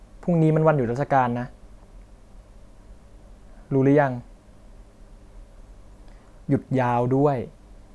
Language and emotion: Thai, frustrated